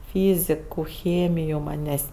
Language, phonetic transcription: Lithuanian, ˈfyziku ˈchėmiju ˈmanės'

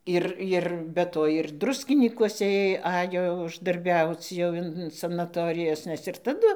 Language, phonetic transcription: Lithuanian, ˈir ˈir be ˈto ir ˈdruskinykuose ˈėj ˈajo uždarˈbiauc jau ˈin sanaˈtorijas ˈnes ir taˈdu

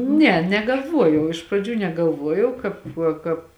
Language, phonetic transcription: Lithuanian, ˈne negalˈvuojau iš praˈdžių negalˈvuojau ˈkāp ˈkāp

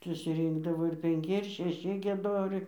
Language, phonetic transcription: Lithuanian, susiˈrynkdavo ir penˈki ir šeˈši gieˈdoriai

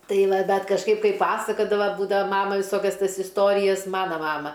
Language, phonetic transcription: Lithuanian, ˈtai ˈva ˈdar kažˈkaip ˈkai ˈpasakadava ˈbūdava ˈmama viˈsokias ˈtas isˈtorijas ˈmana ˈmama

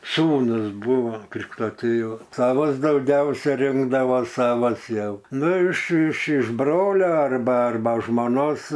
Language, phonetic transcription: Lithuanian, ˈsūnus ˈbuvo ˈkrikšto ˈtėva ˈsavas dauˈgiausia ˈrinkdavo ˈsavas ˈjau ˈnu iš iš iš ˈbrole ˈarba ˈarba žmoˈnos

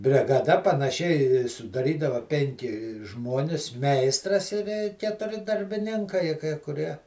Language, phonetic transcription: Lithuanian, brigaˈda panaˈši sudaˈrydava ˈpenki ˈžmonis ˈmeistras i ˈvė ketuˈri darbiˈninkai kai kuˈrie

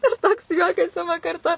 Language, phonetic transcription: Lithuanian, ir ˈtoks ˈjuokas ˈima karˈtu

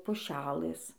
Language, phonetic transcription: Lithuanian, puˈšelɘs

